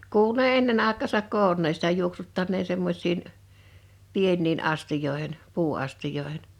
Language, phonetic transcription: Finnish, 'kuulu ne 'ennen 'àek̆kaasak "koonneen̬ sitä 'juok-suttanneen̬ 'semmoś̀in , 'pienniin "astijòehen , 'puu₍astij̀oehen .
- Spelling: kuului ne ennen aikaansa koonneen sitä juoksuttaneen semmoisiin pieniin astioihin puuastioihin

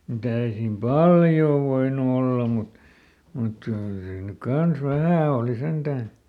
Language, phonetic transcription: Finnish, muˈt ‿ei siim "paljoo voinu olla mut , mut ˈ(kyl) siin nyk ˈkans "vähä̀ ooli sentän̬ .
- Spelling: mutta ei siinä paljoa voinut olla mutta mutta kyllä siinä nyt kanssa vähän oli sentään

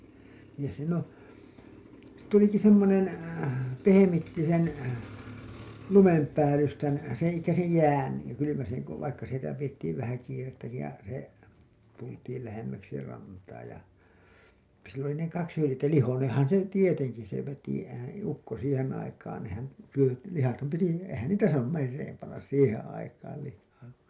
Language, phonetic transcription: Finnish, niin siin ‿oo̰ , 'tuliki 'semmonen , 'pehemitti sen , lumempäälystän , seḛ elikkä sej 'jään , ja kylymäseŋ ko , vaikka sitä pijettiiv vähä kiirettäki ja , se , tultiil lähemmäksi rantaa ja , sill ‿oli ne kaks hylĭjettä , 'lihoneeḛhan se "tieteŋki se veti , ehän̬ , ukko 'siihen 'aikaan nehän , syö- , lihatham piti , eⁱhän "niitä saanum 'merreem pannas 'siiheḛ aikaal lihhaa .
- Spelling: niin siinä on tulikin semmoinen pehmitti sen lumenpäällystän sen eli sen jään ja kylmäsen kun vaikka sitä pidettiin vähän kiirettäkin ja se tultiin lähemmäksi rantaa ja sillä oli ne kaksi hyljettä lihoineenhan se tietenkin se veti eihän ukko siihen aikaan nehän - lihathan piti eihän niitä saanut mereen panna siihen aikaan lihaa

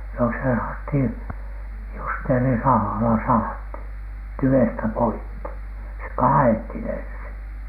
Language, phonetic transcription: Finnish, no se sahathiN , "justeerisahala sahathin , "tyvestä 'poikki , se "kaa₍ethin ensiN .
- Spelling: no se sahattiin justeerisahalla sahattiin tyvestä poikki se kaadettiin ensin

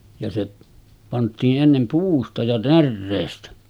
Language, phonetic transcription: Finnish, ja se pant̆tii’ ’ennem 'puusta ja 'närreestä .
- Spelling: ja se pantiin ennen puusta ja näreestä

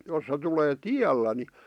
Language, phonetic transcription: Finnish, jos se tulee "tiällä ni ,.
- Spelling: jos se tulee tiellä niin

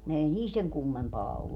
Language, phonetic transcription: Finnish, 'ei 'niil seŋ "kummempaa ollu .
- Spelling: ei niillä sen kummempaa ollut

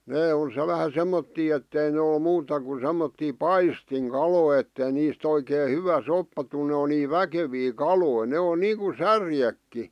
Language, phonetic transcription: Finnish, 'nee o 'se- vähä 'semmottii ettei ne ol 'muuta ku semmottii "paistiŋ"kalòⁱ ettei niist ‿oikee "hyvä 'soppa tul ne o nii "väkevii "kaloi , 'ne o 'niiᵑku "särjekki .
- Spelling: ne on - vähän semmoisia että ei ne ole muuta kuin semmoisia paistinkaloja että ei niistä oikein hyvä soppa tule ne on niin väkeviä kaloja ne on niin kuin särjetkin

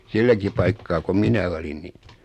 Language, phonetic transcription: Finnish, 'silläki paikkaa ko 'minä olin ni ,.
- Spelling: silläkin paikkaa kun minä olin niin

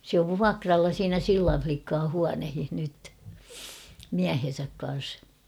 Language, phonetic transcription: Finnish, sᵉ ‿ov "vuakralla 'siinä "Sillan͕̬̬ 'flikkaa 'huanehih nyt , "miähen̬säk kan̬s .
- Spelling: se on vuokralla siinä Sillan likkojen huoneissa nyt miehensä kanssa

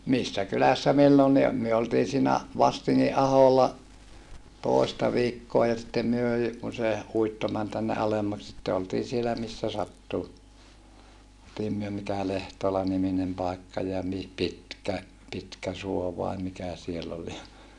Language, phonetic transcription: Finnish, missä kylässä millonni o- , myö oltii siinä , Vastiŋŋi ʼaholla , tòista viikkoa ja sittem myö jy- , kun se , uitto män tänne ʼalemmak sitte oltii sielä missä sattu , [ol]tiim myö mikä Lehtola-niminem pàikka ja mi- , Pitkä- , Pitkäsuo vai mikä siell ‿ol ja ,.
- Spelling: missä kylässä milloinkin - me oltiin siinä Vastingin aholla toista viikkoa ja sitten me - kun se uitto meni tänne alemmaksi sitten oltiin siellä missä sattui oltiin me mikä Lehtola-niminen paikka ja - - Pitkäsuo vai mikä siellä oli ja

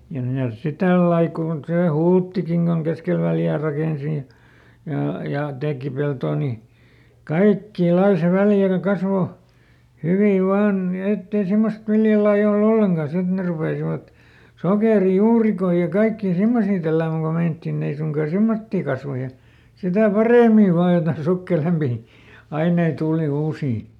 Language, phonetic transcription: Finnish, ja ˈmitäs si ˈtällai kùn ˈsè "Hulttikiŋ Goŋ ˈkeskel Väljää ˈrakènsi ja , jà , ja ˈtèki ˈpeltoo ni , "kaikkii ˈlai se - - ˈkasvo , ˈhyvi ˈvaan , ni ˈett ‿ei ˈsimmost "viljalaiˈʲ ‿ol"l ‿olleŋka (ja) ˈsit ne rupèsivat , "sokèri"juurikoi ja ˈkaikkii ˈsimmosii tälläämäŋ ko ˈmeinᵃttiˈn ‿ei suŋkaa ˈsemmottii ˈkasva ja , sitä̀ "parèmiv̆ "vaaj jotaⁱn ˈsukkelempì , ˈainei ˈtuuli ˈuusii .
- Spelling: ja mitäs sitten tällä lailla kun se Hulttikin kun keskelle Väljää rakensi ja ja ja teki peltoa niin kaikkia lajia se - kasvoi hyvin vain niin että ei semmoista viljalajia ole ollenkaan ja sitten ne rupesivat sokerijuurikkaita ja kaikkia semmoisia tälläämään kun meinattiin ei suinkaan semmoisia kasva ja sitä paremmin vain jotakin sukkelampia aineita tuli uusia

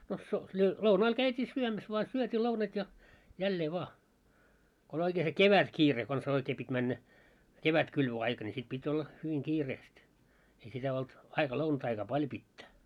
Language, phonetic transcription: Finnish, no so- lö- 'lounaal käyt́ii 'syömäs voa 'syöt́ii lounat ja , 'jällee 'voa , ko oĺ oikee se "kevät'kiire kons 'oikee pit́ männä , "kevät'kylvö₍aika ni sit pit́ 'olla , hyviŋ 'kiireest , ei sitä 'olt , 'aika 'lounataikaa "paljo pittä .
- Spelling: no - - lounaalla käytiin syömässä vain syötiiin lounaat ja jälleen vaan kun oli oikein se kevätkiire konsa oikein piti mennä kevätkylvöaika niin sitten piti olla hyvin kiireesti ei sitä ollut aika lounasaikaa paljon pitää

